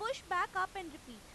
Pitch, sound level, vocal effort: 370 Hz, 99 dB SPL, very loud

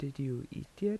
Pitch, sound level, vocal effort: 140 Hz, 78 dB SPL, soft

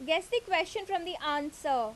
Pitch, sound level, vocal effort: 330 Hz, 89 dB SPL, loud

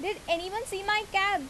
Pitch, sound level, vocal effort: 390 Hz, 87 dB SPL, loud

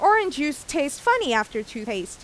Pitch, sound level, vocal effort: 285 Hz, 91 dB SPL, very loud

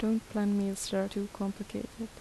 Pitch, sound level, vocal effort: 205 Hz, 77 dB SPL, soft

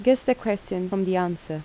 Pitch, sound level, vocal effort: 190 Hz, 80 dB SPL, normal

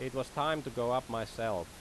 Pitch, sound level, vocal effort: 125 Hz, 90 dB SPL, loud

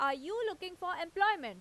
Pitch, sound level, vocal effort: 365 Hz, 96 dB SPL, very loud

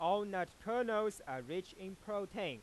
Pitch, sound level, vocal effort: 195 Hz, 99 dB SPL, loud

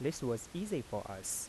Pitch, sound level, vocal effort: 125 Hz, 86 dB SPL, soft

